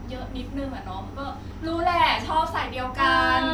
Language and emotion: Thai, happy